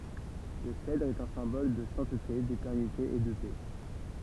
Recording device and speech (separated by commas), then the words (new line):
temple vibration pickup, read sentence
Le cèdre est un symbole de sainteté, d'éternité et de paix.